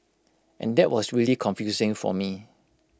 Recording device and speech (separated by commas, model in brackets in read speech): close-talking microphone (WH20), read sentence